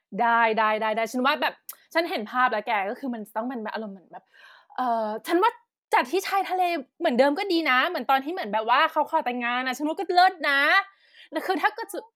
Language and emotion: Thai, happy